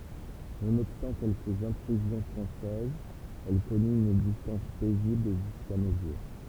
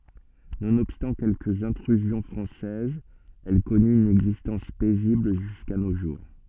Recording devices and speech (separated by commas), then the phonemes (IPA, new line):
temple vibration pickup, soft in-ear microphone, read sentence
nonɔbstɑ̃ kɛlkəz ɛ̃tʁyzjɔ̃ fʁɑ̃sɛzz ɛl kɔny yn ɛɡzistɑ̃s pɛzibl ʒyska no ʒuʁ